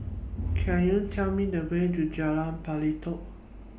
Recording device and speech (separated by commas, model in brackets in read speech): boundary microphone (BM630), read sentence